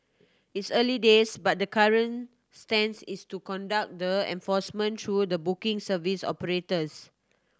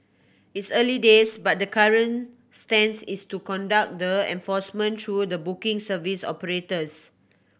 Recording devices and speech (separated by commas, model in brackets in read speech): standing microphone (AKG C214), boundary microphone (BM630), read sentence